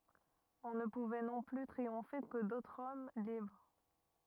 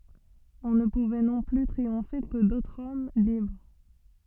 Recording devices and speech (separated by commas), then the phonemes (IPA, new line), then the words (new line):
rigid in-ear microphone, soft in-ear microphone, read sentence
ɔ̃ nə puvɛ nɔ̃ ply tʁiɔ̃fe kə dotʁz ɔm libʁ
On ne pouvait non plus triompher que d'autres hommes libres.